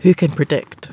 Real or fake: real